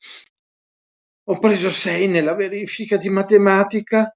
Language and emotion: Italian, sad